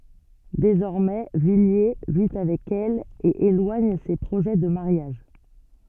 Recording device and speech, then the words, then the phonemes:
soft in-ear microphone, read sentence
Désormais, Villiers vit avec elle et éloigne ses projets de mariage.
dezɔʁmɛ vilje vi avɛk ɛl e elwaɲ se pʁoʒɛ də maʁjaʒ

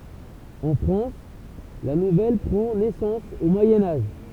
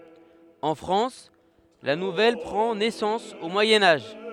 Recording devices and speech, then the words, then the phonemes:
temple vibration pickup, headset microphone, read sentence
En France, la nouvelle prend naissance au Moyen Âge.
ɑ̃ fʁɑ̃s la nuvɛl pʁɑ̃ nɛsɑ̃s o mwajɛ̃ aʒ

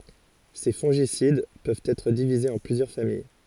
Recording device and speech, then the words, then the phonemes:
forehead accelerometer, read sentence
Ces fongicides peuvent être divisés en plusieurs familles.
se fɔ̃ʒisid pøvt ɛtʁ divizez ɑ̃ plyzjœʁ famij

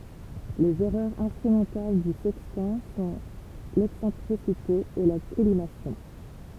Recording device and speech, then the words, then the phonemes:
temple vibration pickup, read sentence
Les erreurs instrumentales du sextant sont l’excentricité et la collimation.
lez ɛʁœʁz ɛ̃stʁymɑ̃tal dy sɛkstɑ̃ sɔ̃ lɛksɑ̃tʁisite e la kɔlimasjɔ̃

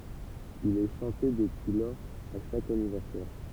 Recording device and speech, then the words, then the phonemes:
temple vibration pickup, read sentence
Il est chanté depuis lors à chaque anniversaire.
il ɛ ʃɑ̃te dəpyi lɔʁz a ʃak anivɛʁsɛʁ

